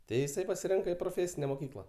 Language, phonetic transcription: Lithuanian, ˈtai iˈsai pasiˈrinka i proˈfėsine moˈkykla

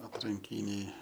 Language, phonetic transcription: Lithuanian, atranˈkyniai

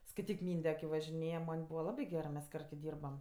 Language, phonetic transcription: Lithuanian, skaiˈtyk ˈmynde ki važiˈnėja ˈman' ˈbūva ˈlabi gerɜ mes ˈkart ki ˈdyrbam

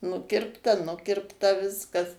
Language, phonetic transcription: Lithuanian, ˈnukirpta ˈnukirpta ˈviskas

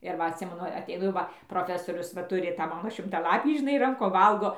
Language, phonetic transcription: Lithuanian, ir ˈva atˈsimenu ateiˈnu jau ˈva proˈfesorius va ˈturiˈ tą ˈmano šimtaˈlapį žiˈnai ˈrankom ˈvalgo

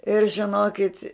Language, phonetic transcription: Lithuanian, ir žiˈnokit

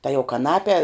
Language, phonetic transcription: Lithuanian, ta jau kaˈnape

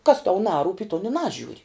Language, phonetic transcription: Lithuanian, kas tau ˈnarūp' i ton i ˈnažiūri

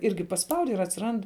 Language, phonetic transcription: Lithuanian, ˈirgi pasˈpaudi ir atsiˈrand

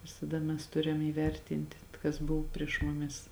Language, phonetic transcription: Lithuanian, visaˈda mes ˈturiam įˈvertinti kas ˈbuv prieš muˈmis

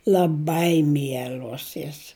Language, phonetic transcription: Lithuanian, l'aˈbai ˈmiel'os jos

